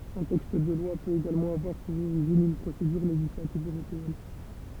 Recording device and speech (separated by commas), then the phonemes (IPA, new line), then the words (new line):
temple vibration pickup, read sentence
œ̃ tɛkst də lwa pøt eɡalmɑ̃ avwaʁ puʁ oʁiʒin yn pʁosedyʁ leʒislativ øʁopeɛn
Un texte de loi peut également avoir pour origine une procédure législative européenne.